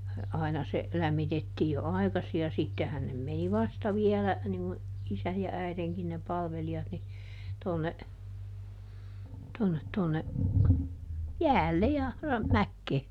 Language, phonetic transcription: Finnish, ˈaina se , ˈlämmitettii jo "ai̮kasi ja ˈsittehän nem ˈmeni "vasta viɛlä , niŋ ŋu , ˈisäj ja ˈäiδeŋkin ne ˈpalveli₍at ni , tonne , tonnet tonne , "jäälle ja , ra- , ˈmäkkee .
- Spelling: aina se lämmitettiin jo aikaisin ja sittenhän ne meni vasta vielä niin kuin isän ja äidinkin ne palvelijat niin tuonne tuonne tuonne jäälle ja - mäkeen

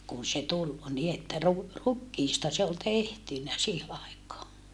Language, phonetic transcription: Finnish, kun̬ se tul , ni että ru- , rukkiista se ol tehtynä sii(he) àikaa .
- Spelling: kun se tuli niin että - rukiista se oli tehty siihen aikaan

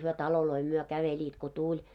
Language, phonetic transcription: Finnish, hyö 'taloloi myö 'käveĺiit ko "tuĺ .
- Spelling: he taloja myöten kävelivät kun tuli

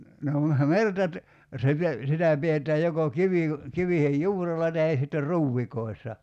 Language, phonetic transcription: Finnish, no me- "merta ‿t- , 'se pe- , 'sitä 'piet̀ää joko 'kivìko- , 'kivihej "juurella tahe sitter 'ruuvvikoi̬ssa .
- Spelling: no - merta - se - sitä pidetään joko - kivien juurella tai sitten ruovikoissa

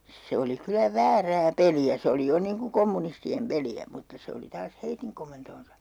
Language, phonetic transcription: Finnish, 'se oli kylä "väärää "peli₍ä 'se oli 'jo niiŋ ku 'kommunisti₍em 'peli₍ä mutta 'se oli taas "heitiŋ komentoonsa .
- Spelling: se oli kyllä väärää peliä se oli jo niin kuin kommunistien peliä mutta se oli taas heidän komentoansa

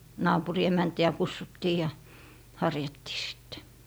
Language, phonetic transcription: Finnish, 'naapuri 'emänti₍ä "kussuttii ja , "harjattii sIttE .
- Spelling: naapurin emäntiä kutsuttiin ja harjattiin sitten

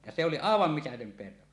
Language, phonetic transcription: Finnish, ja se oli "àevam 'mitätöm 'perho .
- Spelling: ja se oli aivan mitätön perho

